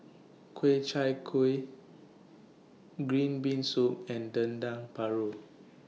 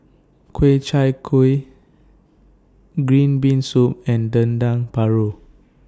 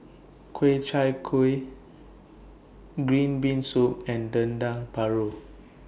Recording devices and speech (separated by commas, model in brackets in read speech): mobile phone (iPhone 6), standing microphone (AKG C214), boundary microphone (BM630), read sentence